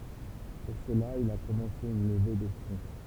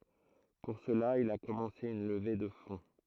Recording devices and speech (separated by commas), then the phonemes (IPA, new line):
temple vibration pickup, throat microphone, read sentence
puʁ səla il a kɔmɑ̃se yn ləve də fɔ̃